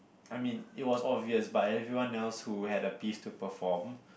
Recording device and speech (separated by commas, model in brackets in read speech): boundary microphone, conversation in the same room